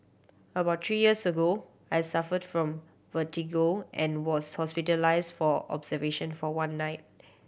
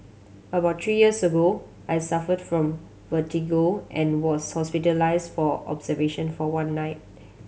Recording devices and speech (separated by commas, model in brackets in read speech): boundary microphone (BM630), mobile phone (Samsung C7100), read sentence